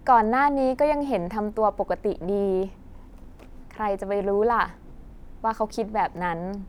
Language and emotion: Thai, neutral